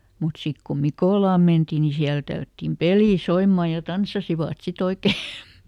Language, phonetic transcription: Finnish, mut ˈsik ko "Mikòlàm ˈmentì ni ˈsiälᵃ̈ tällättim "pelì ˈsoimmà ja ˈtanssasivàt si"t ‿oike .
- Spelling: mutta sitten kun Mikolaan mentiin niin siellä tällättiin peli soimaan ja tanssasivat sitten oikein

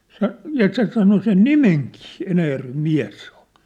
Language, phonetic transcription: Finnish, 'se , ja 'se sano sen "nimeŋkii , 'Enäjärvem "miä̭s sᴇ ‿ᴏʟ .
- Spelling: se ja se sanoi sen nimenkin Enäjärven mies se oli

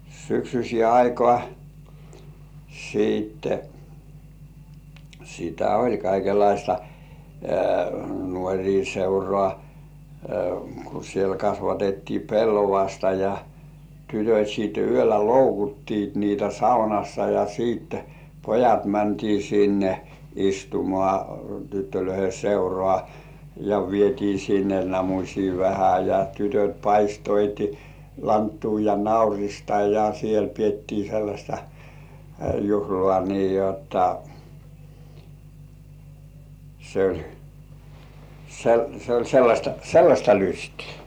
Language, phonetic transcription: Finnish, syksys̜ĭè 'aikŏà , siitte , sitä oĺ kaikelaista , 'nuoŕii seurŏà , ku siel 'kasvatettii "pellovasta ja , tytöt̜ siit yöllä "loukuttiit niitä 'saunassa ja sìt , "pojat 'mäntii sinne , istumŏà 'tyttölöihe "seurŏà , ja vietii sinne 'namuśii vähä ja 'tytöt̜ paistoiti , "lanttuu ja "naurista ja 'siel piettii sellaśta , 'juhlŏà nii jotta , se ‿oĺ , se ‿oĺ se oĺ sellaśta , "sellaśta 'lystɪɪ .
- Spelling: syksyiseen aikaan sitten sitä oli kaikenlaista nuorten seuraa kun siellä kasvatettiin pellavasta ja tytöt sitten yöllä loukutti niitä saunassa ja sitten pojat mentiin sinne istumaan tyttöjen seuraa ja vietiin sinne namusia vähän ja tytöt paistoivat lanttua ja naurista ja siellä pidettiin sellaista juhlaa niin jotta se oli se oli se oli sellaista sellaista lystiä

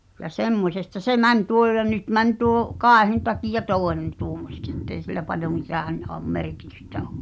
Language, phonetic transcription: Finnish, ja "semmośesta 'se "mäń tuo ʲo ja 'nyt 'mäń tuoᵒ̰ , "kàehᵉ̭n takija "tòenen tuomoseks ettei sil̆lä paljo 'mit̳ään̳ òm "merkitystä ᴏ .
- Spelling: ja semmoisesta se meni tuo jo ja nyt meni tuo kaihin takia toinen tuommoiseksi että ei sillä paljon mitään ole merkitystä ole

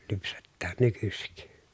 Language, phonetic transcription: Finnish, lypsettään nykysik .
- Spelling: lypsetään nykyisin

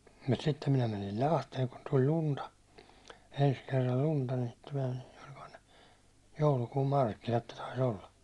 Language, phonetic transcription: Finnish, mut sittem minä mänil "Lahteeŋ kun tuĺ 'lunta , 'ens kerral 'lunta , ni (sittem minä , oĺkohan ne) , 'joulukuum 'markkinat ne tais ‿olla .
- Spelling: mutta sitten minä menin Lahteen kun tuli lunta ensi kerran lunta niin sitten minä olikohan ne joulukuun markkinat ne taisi olla

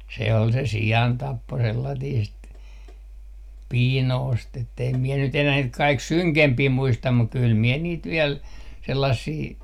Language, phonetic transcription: Finnish, se ol se "si₍antappo 'sellatiist , "piinoost ett ‿eim 'miɛ nyt enää 'niit 'kaik "syŋkempii 'muistam muk 'kyl 'miɛ 'niit 'viel , 'sellassii ,.
- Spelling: se oli se siantappo sellaista piinausta että en minä nyt enää niitä kaikki synkempiä muista mutta kyllä minä niitä vielä sellaisia

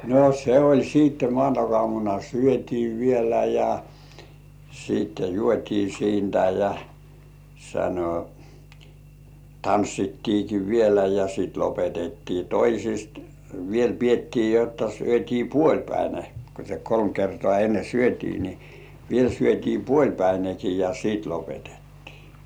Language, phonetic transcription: Finnish, no 'se oĺ 'siitte 'mŏàntak₍ŏàmuna "syöt́ii vielä ja , siit "juot́ii siintä ja , sano , "tanssittiiki vielä ja sit 'lopetettii "toisist , "viel piettii jotta 'syöt́ii "puoĺpäine , ko se 'kolm kertŏà enne "syöt́ii ni ni , 'viel syöt́ii "puoĺpäinekii ja 'siit lopetᴇttɪɪ .
- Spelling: no se oli sitten maanantaiaamuna syötiin vielä ja sitten juotiin siitä ja sanoi tanssittiinkin vielä ja sitten lopetettiin toisista vielä pidettiin jotta syötiin puolipäinen kun se kolme kertaa ennen syötiin niin niin vielä syötiin puolipäinenkin ja sitten lopetettiin

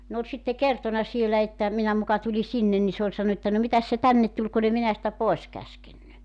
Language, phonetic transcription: Finnish, 'ne ‿oĺ 'sitte "kertona 'sielä että , 'minä 'muka tuli 'sinnen ni 'se ‿oĺ 'sannu että » no 'mitäs se "tännet tuĺ kun ‿e 'minä sⁱtä 'poes 'käskenny « .
- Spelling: ne oli sitten kertonut siellä että minä muka tulin sinne niin se oli sanonut että no mitäs se tänne tuli kun en minä sitä pois käskenyt

